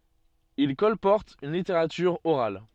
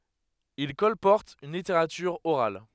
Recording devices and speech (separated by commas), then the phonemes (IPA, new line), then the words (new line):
soft in-ear microphone, headset microphone, read sentence
il kɔlpɔʁtt yn liteʁatyʁ oʁal
Ils colportent une littérature orale.